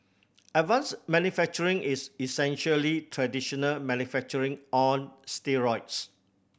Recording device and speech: boundary microphone (BM630), read sentence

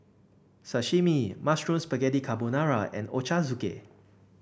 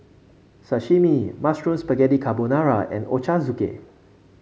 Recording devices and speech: boundary microphone (BM630), mobile phone (Samsung C5), read sentence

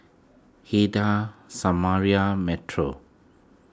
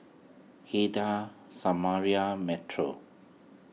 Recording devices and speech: close-talking microphone (WH20), mobile phone (iPhone 6), read sentence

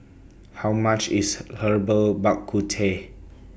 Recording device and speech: boundary microphone (BM630), read sentence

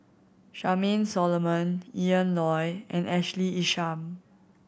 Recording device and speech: boundary microphone (BM630), read sentence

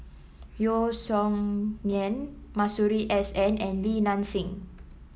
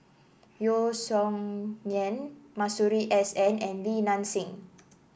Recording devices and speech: mobile phone (iPhone 7), boundary microphone (BM630), read sentence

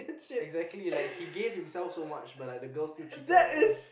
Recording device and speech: boundary microphone, conversation in the same room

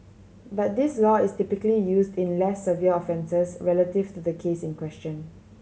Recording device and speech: mobile phone (Samsung C7100), read sentence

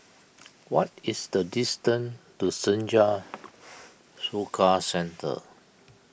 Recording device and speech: boundary microphone (BM630), read sentence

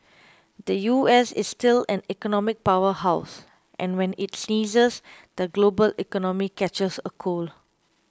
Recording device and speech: close-talking microphone (WH20), read sentence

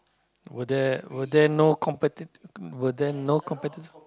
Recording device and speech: close-talking microphone, conversation in the same room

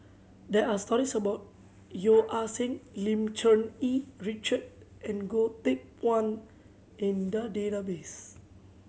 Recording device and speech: mobile phone (Samsung C7100), read sentence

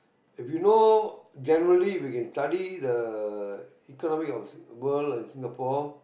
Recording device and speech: boundary microphone, conversation in the same room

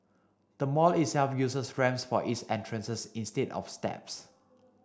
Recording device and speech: standing microphone (AKG C214), read sentence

